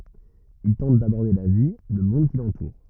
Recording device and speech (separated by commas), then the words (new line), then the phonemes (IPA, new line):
rigid in-ear microphone, read sentence
Il tente d’aborder la vie, le monde qui l’entoure.
il tɑ̃t dabɔʁde la vi lə mɔ̃d ki lɑ̃tuʁ